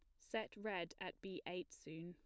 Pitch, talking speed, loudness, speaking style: 180 Hz, 195 wpm, -48 LUFS, plain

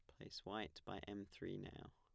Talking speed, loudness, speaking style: 205 wpm, -52 LUFS, plain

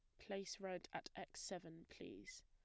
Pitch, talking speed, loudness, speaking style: 180 Hz, 160 wpm, -52 LUFS, plain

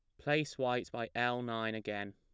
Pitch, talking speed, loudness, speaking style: 115 Hz, 185 wpm, -36 LUFS, plain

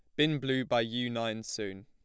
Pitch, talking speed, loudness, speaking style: 120 Hz, 220 wpm, -32 LUFS, plain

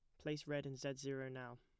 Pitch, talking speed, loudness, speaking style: 135 Hz, 260 wpm, -46 LUFS, plain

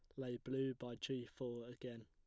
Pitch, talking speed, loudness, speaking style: 125 Hz, 195 wpm, -46 LUFS, plain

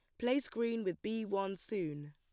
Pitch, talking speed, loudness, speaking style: 205 Hz, 190 wpm, -37 LUFS, plain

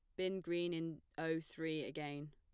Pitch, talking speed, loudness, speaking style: 160 Hz, 170 wpm, -43 LUFS, plain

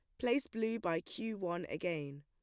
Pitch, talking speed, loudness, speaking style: 175 Hz, 180 wpm, -38 LUFS, plain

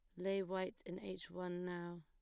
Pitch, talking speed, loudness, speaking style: 180 Hz, 200 wpm, -44 LUFS, plain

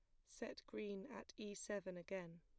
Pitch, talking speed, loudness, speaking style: 195 Hz, 170 wpm, -51 LUFS, plain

